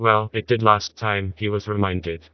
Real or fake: fake